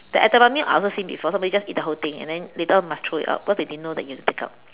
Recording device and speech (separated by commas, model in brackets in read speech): telephone, conversation in separate rooms